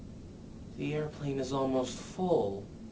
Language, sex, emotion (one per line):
English
male
neutral